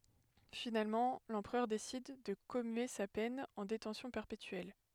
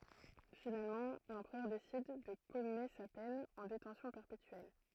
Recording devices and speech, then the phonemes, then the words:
headset microphone, throat microphone, read sentence
finalmɑ̃ lɑ̃pʁœʁ desid də kɔmye sa pɛn ɑ̃ detɑ̃sjɔ̃ pɛʁpetyɛl
Finalement l'empereur décide de commuer sa peine en détention perpétuelle.

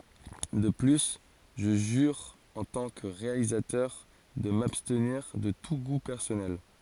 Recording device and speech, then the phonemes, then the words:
forehead accelerometer, read sentence
də ply ʒə ʒyʁ ɑ̃ tɑ̃ kə ʁealizatœʁ də mabstniʁ də tu ɡu pɛʁsɔnɛl
De plus, je jure en tant que réalisateur de m'abstenir de tout goût personnel.

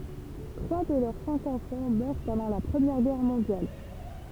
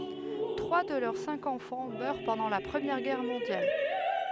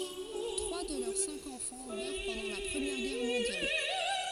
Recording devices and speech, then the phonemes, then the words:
temple vibration pickup, headset microphone, forehead accelerometer, read sentence
tʁwa də lœʁ sɛ̃k ɑ̃fɑ̃ mœʁ pɑ̃dɑ̃ la pʁəmjɛʁ ɡɛʁ mɔ̃djal
Trois de leurs cinq enfants meurent pendant la Première Guerre mondiale.

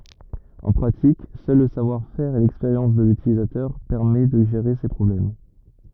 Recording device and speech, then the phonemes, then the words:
rigid in-ear microphone, read sentence
ɑ̃ pʁatik sœl lə savwaʁfɛʁ e lɛkspeʁjɑ̃s də lytilizatœʁ pɛʁmɛ də ʒeʁe se pʁɔblɛm
En pratique, seul le savoir-faire et l’expérience de l’utilisateur permet de gérer ces problèmes.

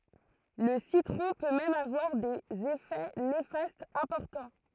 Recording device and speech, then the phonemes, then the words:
throat microphone, read sentence
lə sitʁɔ̃ pø mɛm avwaʁ dez efɛ nefastz ɛ̃pɔʁtɑ̃
Le citron peut même avoir des effets néfastes importants.

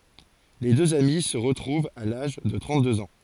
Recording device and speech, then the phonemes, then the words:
forehead accelerometer, read sentence
le døz ami sə ʁətʁuvt a laʒ də tʁɑ̃t døz ɑ̃
Les deux amis se retrouvent à l'âge de trente-deux ans.

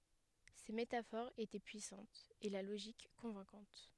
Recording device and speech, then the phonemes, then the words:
headset microphone, read sentence
se metafoʁz etɛ pyisɑ̃tz e la loʒik kɔ̃vɛ̃kɑ̃t
Ces métaphores étaient puissantes, et la logique convaincante.

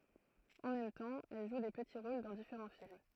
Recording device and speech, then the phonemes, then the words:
throat microphone, read sentence
ɑ̃ mɛm tɑ̃ ɛl ʒu de pəti ʁol dɑ̃ difeʁɑ̃ film
En même temps, elle joue des petits rôles dans différents films.

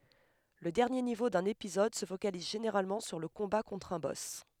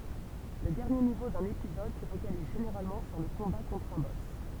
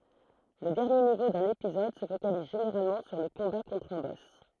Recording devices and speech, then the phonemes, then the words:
headset microphone, temple vibration pickup, throat microphone, read sentence
lə dɛʁnje nivo dœ̃n epizɔd sə fokaliz ʒeneʁalmɑ̃ syʁ lə kɔ̃ba kɔ̃tʁ œ̃ bɔs
Le dernier niveau d’un épisode se focalise généralement sur le combat contre un boss.

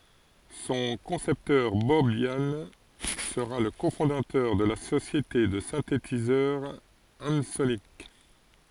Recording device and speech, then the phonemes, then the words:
forehead accelerometer, read sentence
sɔ̃ kɔ̃sɛptœʁ bɔb jan səʁa lə kofɔ̃datœʁ də la sosjete də sɛ̃tetizœʁ ɑ̃sonik
Son concepteur, Bob Yannes, sera le cofondateur de la société de synthétiseur Ensoniq.

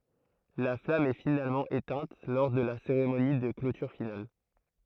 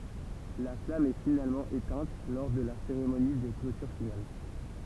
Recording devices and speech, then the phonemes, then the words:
throat microphone, temple vibration pickup, read sentence
la flam ɛ finalmɑ̃ etɛ̃t lɔʁ də la seʁemoni də klotyʁ final
La flamme est finalement éteinte lors de la cérémonie de clôture finale.

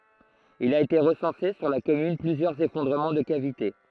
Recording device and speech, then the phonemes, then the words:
throat microphone, read sentence
il a ete ʁəsɑ̃se syʁ la kɔmyn plyzjœʁz efɔ̃dʁəmɑ̃ də kavite
Il a été recensé sur la commune plusieurs effondrements de cavités.

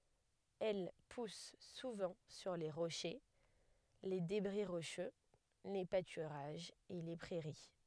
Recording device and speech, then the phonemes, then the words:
headset microphone, read sentence
ɛl pus suvɑ̃ syʁ le ʁoʃe le debʁi ʁoʃø le patyʁaʒz e le pʁɛʁi
Elle pousse souvent sur les rochers, les débris rocheux, les pâturages et les prairies.

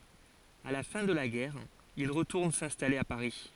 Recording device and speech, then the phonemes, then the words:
forehead accelerometer, read sentence
a la fɛ̃ də la ɡɛʁ il ʁətuʁn sɛ̃stale a paʁi
À la fin de la guerre, il retourne s'installer à Paris.

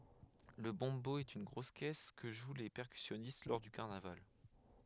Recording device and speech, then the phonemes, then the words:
headset microphone, read sentence
lə bɔ̃bo ɛt yn ɡʁos kɛs kə ʒw le pɛʁkysjɔnist lɔʁ dy kaʁnaval
Le bombo est une grosse caisse que jouent les percussionnistes lors du carnaval.

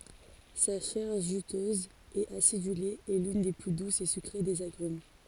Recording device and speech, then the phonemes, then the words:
forehead accelerometer, read sentence
sa ʃɛʁ ʒytøz e asidyle ɛ lyn de ply dusz e sykʁe dez aɡʁym
Sa chair juteuse et acidulée est l'une des plus douces et sucrées des agrumes.

